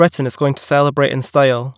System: none